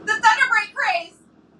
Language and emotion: English, happy